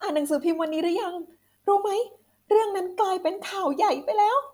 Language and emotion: Thai, happy